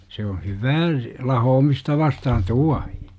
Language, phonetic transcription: Finnish, se on̬ "hyvää , 'lahoomista vastahan "tuahI .
- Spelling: se on hyvää lahoamista vastaan tuohi

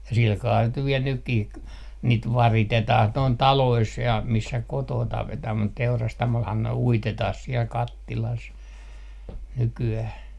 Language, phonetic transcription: Finnish, ja silkaa niit nyv 'viɛl 'nykkih k- , niit "varitetah 'noin "talois ja 'missä 'kotoo 'tapetah mut 'teurastamolhan ne 'uitetah siel "kattilas , 'nyky₍äh .
- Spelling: ja sillä kalella niitä nyt vielä nytkin - niitä varitetaan noin taloissa ja missä kotona tapetaan mutta teurastamollahan ne uitetaan siellä kattilassa nykyään

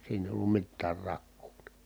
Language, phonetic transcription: Finnish, siinä èi̮ ollum mittäär rakkuU NI .
- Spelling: siinä ei ollut mitään rakoa niin

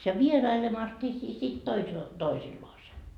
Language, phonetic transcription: Finnish, ja "vierailemas ni si- sit toisel- , 'toisilloase .
- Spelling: ja vierailemassa niin - sitten - toisillaan

